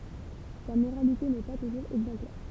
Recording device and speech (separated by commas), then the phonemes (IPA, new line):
temple vibration pickup, read sentence
sa moʁalite nɛ pa tuʒuʁz ɛɡzɑ̃plɛʁ